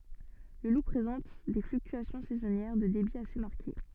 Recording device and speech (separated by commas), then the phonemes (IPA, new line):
soft in-ear microphone, read sentence
lə lu pʁezɑ̃t de flyktyasjɔ̃ sɛzɔnjɛʁ də debi ase maʁke